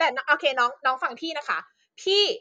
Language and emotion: Thai, angry